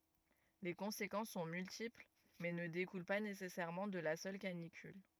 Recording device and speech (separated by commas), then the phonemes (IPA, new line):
rigid in-ear microphone, read sentence
le kɔ̃sekɑ̃s sɔ̃ myltipl mɛ nə dekul pa nesɛsɛʁmɑ̃ də la sœl kanikyl